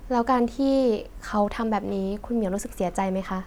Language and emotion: Thai, neutral